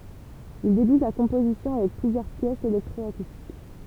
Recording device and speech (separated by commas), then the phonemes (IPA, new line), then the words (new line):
temple vibration pickup, read sentence
il debyt la kɔ̃pozisjɔ̃ avɛk plyzjœʁ pjɛsz elɛktʁɔakustik
Il débute la composition avec plusieurs pièces électro-acoustiques.